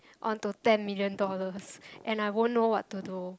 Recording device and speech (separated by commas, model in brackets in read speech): close-talking microphone, conversation in the same room